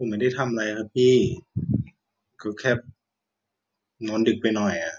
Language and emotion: Thai, sad